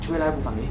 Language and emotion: Thai, neutral